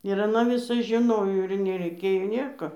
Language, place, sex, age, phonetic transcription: Lithuanian, Dzūkija, female, 60+, ir aˈna viˈsas žiˈnojo ir nereiˈkėjo ˈnėko

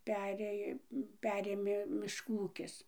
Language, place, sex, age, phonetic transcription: Lithuanian, Dzūkija, female, 60+, ˈperėj ˈperėmė mišˈkų ˈūkis

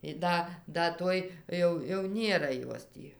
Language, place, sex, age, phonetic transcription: Lithuanian, Dzūkija, female, 60+, i ˈda ˈda ˈtoj ˈjau jau ˈnėra ˈjos tį

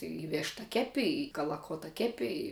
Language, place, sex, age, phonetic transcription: Lithuanian, Žemaitija, female, 18-60, i ˈvėšta ˈkepi i kalaˈkota ˈkepi i

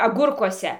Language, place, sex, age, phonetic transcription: Lithuanian, Dzūkija, female, 60+, aˈgurkuose

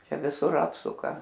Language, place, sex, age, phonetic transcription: Lithuanian, Aukštaitija, female, 60+, ˈčia viˈsur ˈapsuka

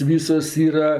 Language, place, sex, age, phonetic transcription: Lithuanian, Aukštaitija, female, 60+, ˈvysos ˈyra

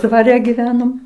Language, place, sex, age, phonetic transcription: Lithuanian, Aukštaitija, female, 60+, dvaˈre gyˈvenom

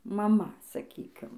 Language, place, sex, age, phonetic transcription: Lithuanian, Dzūkija, female, 18-60, maˈma saˈkykim

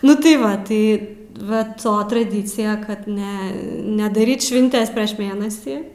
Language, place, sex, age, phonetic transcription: Lithuanian, Aukštaitija, female, 18-60, nu tai ˈva ˈtai va ˈto traˈdycija kad ˈne nedaˈryt švinˈtes prieš ˈmėnasį

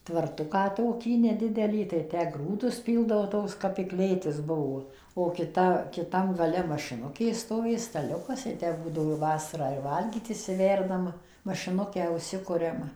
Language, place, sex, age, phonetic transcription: Lithuanian, Suvalkija, female, 60+, tvaˈrtuką ˈtokį neˈdidelį tai ˈtę ˈgrūdus ˈpyldavo ˈtoks kap i ˈklėtis ˈbuo o kiˈta kiˈtam gaˈle mašiˈnukė stoˈvė staˈliukas i ˈtę ˈbūdavo ˈvasarą ir ˈvalgyt išsiˈverdam mašiˈnukę užˈsikuriam

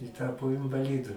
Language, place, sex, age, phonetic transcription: Lithuanian, Aukštaitija, male, 60+, i ˈtapo invaˈlidu

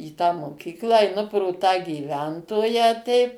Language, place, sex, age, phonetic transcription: Lithuanian, Suvalkija, female, 60+, į tą moˈkyklą eiˈnu pro tą gyˈventoją teip

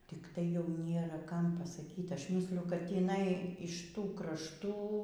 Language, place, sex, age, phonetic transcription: Lithuanian, Aukštaitija, female, 60+, tikˈtai jau ˈnėra ˈkam pasaˈkyt' ˈaš ˈmysliju kad tįˈnai iš ˈtų krašˈtų

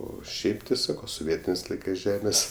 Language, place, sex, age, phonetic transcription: Lithuanian, Aukštaitija, male, 18-60, ˈo ˈšiaip ti ˈsako soˈvietinės ˈlaikɜs ˈžemės

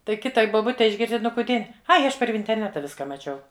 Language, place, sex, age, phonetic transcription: Lithuanian, Žemaitija, female, 60+, ˈtai ˈkitai boˈbutei išˈgirsti ˈnu kuˈdie ˈai ˈaš par vinterˈneta ˈviska maˈčiau

